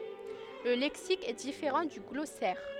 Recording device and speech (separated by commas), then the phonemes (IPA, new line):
headset microphone, read sentence
lə lɛksik ɛ difeʁɑ̃ dy ɡlɔsɛʁ